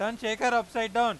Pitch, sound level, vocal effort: 230 Hz, 104 dB SPL, very loud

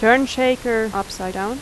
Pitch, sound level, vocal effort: 225 Hz, 87 dB SPL, loud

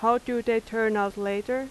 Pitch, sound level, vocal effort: 225 Hz, 87 dB SPL, loud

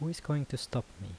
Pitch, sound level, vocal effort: 130 Hz, 77 dB SPL, soft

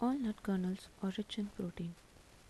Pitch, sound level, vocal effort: 200 Hz, 75 dB SPL, soft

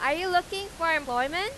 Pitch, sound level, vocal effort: 355 Hz, 98 dB SPL, very loud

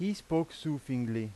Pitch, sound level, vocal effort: 150 Hz, 89 dB SPL, loud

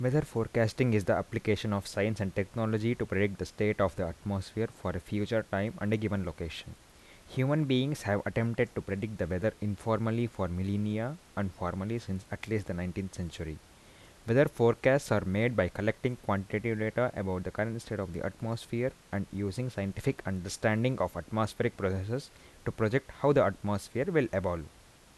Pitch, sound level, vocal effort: 105 Hz, 80 dB SPL, normal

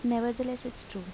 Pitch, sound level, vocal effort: 240 Hz, 80 dB SPL, soft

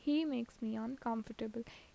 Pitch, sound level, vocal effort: 230 Hz, 78 dB SPL, normal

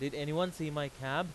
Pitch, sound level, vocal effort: 150 Hz, 94 dB SPL, very loud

